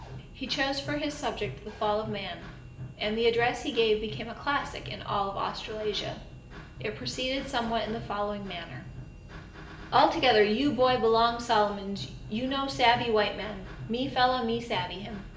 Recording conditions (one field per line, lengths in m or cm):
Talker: one person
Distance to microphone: 1.8 m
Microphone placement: close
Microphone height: 1.0 m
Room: large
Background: music